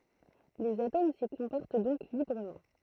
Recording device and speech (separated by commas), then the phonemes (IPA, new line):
throat microphone, read sentence
lez atom si kɔ̃pɔʁt dɔ̃k libʁəmɑ̃